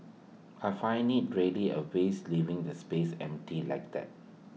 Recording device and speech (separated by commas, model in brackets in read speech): mobile phone (iPhone 6), read sentence